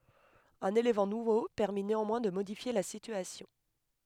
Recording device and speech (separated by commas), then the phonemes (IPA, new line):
headset microphone, read sentence
œ̃n elemɑ̃ nuvo pɛʁmi neɑ̃mwɛ̃ də modifje la sityasjɔ̃